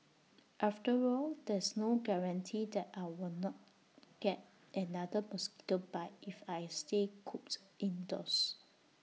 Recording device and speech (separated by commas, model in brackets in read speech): mobile phone (iPhone 6), read sentence